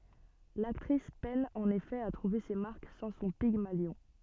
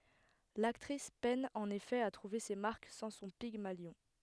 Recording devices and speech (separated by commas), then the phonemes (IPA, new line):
soft in-ear microphone, headset microphone, read sentence
laktʁis pɛn ɑ̃n efɛ a tʁuve se maʁk sɑ̃ sɔ̃ piɡmaljɔ̃